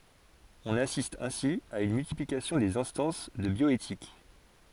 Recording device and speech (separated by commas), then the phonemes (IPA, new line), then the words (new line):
forehead accelerometer, read sentence
ɔ̃n asist ɛ̃si a yn myltiplikasjɔ̃ dez ɛ̃stɑ̃s də bjɔetik
On assiste ainsi à une multiplication des instances de bioéthique.